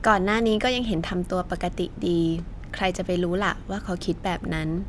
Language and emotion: Thai, neutral